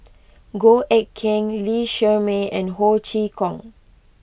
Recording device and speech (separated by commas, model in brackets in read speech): boundary microphone (BM630), read sentence